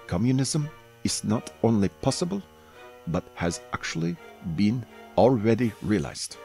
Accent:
terrible German accent